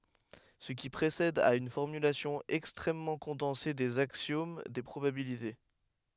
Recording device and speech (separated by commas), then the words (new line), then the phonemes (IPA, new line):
headset microphone, read sentence
Ce qui précède est une formulation extrêmement condensée des axiomes des probabilités.
sə ki pʁesɛd ɛt yn fɔʁmylasjɔ̃ ɛkstʁɛmmɑ̃ kɔ̃dɑ̃se dez aksjom de pʁobabilite